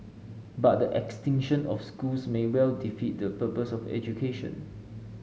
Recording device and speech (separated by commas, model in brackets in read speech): mobile phone (Samsung S8), read sentence